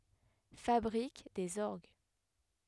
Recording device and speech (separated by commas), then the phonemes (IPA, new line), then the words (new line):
headset microphone, read sentence
fabʁik dez ɔʁɡ
Fabrique des orgues.